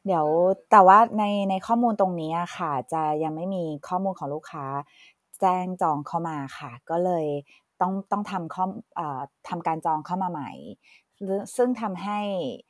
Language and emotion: Thai, neutral